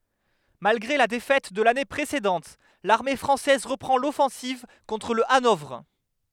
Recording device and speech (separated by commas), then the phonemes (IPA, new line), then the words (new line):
headset microphone, read sentence
malɡʁe la defɛt də lane pʁesedɑ̃t laʁme fʁɑ̃sɛz ʁəpʁɑ̃ lɔfɑ̃siv kɔ̃tʁ lə anɔvʁ
Malgré la défaite de l’année précédente, l’armée française reprend l’offensive contre le Hanovre.